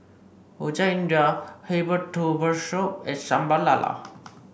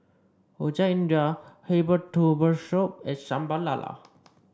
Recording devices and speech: boundary microphone (BM630), standing microphone (AKG C214), read sentence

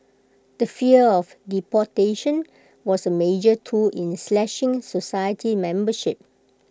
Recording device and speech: close-talking microphone (WH20), read sentence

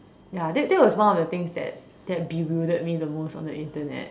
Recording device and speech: standing microphone, conversation in separate rooms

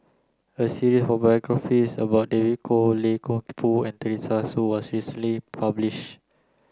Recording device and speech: close-talking microphone (WH30), read sentence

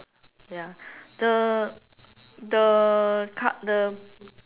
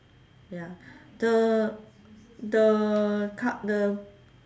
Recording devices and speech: telephone, standing microphone, conversation in separate rooms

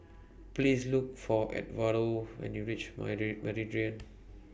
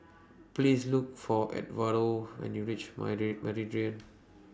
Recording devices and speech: boundary microphone (BM630), standing microphone (AKG C214), read sentence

